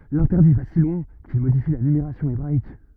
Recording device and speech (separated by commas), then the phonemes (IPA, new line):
rigid in-ear microphone, read sentence
lɛ̃tɛʁdi va si lwɛ̃ kil modifi la nymeʁasjɔ̃ ebʁaik